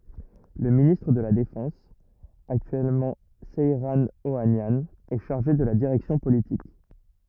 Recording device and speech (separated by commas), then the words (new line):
rigid in-ear microphone, read sentence
Le ministre de la Défense, actuellement Seyran Ohanian, est chargé de la direction politique.